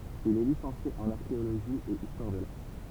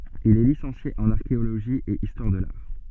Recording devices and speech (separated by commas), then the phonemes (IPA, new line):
temple vibration pickup, soft in-ear microphone, read sentence
il ɛ lisɑ̃sje ɑ̃n aʁkeoloʒi e istwaʁ də laʁ